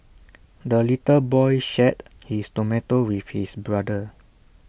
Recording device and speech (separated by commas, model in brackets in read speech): boundary microphone (BM630), read sentence